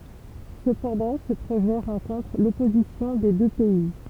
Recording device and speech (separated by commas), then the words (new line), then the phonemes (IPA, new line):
temple vibration pickup, read sentence
Cependant, ce projet rencontre l'opposition des deux pays.
səpɑ̃dɑ̃ sə pʁoʒɛ ʁɑ̃kɔ̃tʁ lɔpozisjɔ̃ de dø pɛi